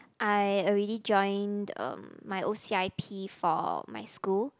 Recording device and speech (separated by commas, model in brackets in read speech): close-talking microphone, conversation in the same room